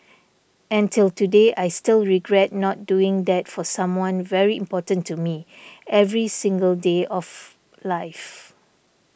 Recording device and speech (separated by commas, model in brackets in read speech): boundary microphone (BM630), read sentence